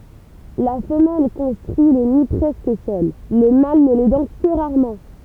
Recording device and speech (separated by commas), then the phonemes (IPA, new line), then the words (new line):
temple vibration pickup, read sentence
la fəmɛl kɔ̃stʁyi lə ni pʁɛskə sœl lə mal nə lɛdɑ̃ kə ʁaʁmɑ̃
La femelle construit le nid presque seule, le mâle ne l'aidant que rarement.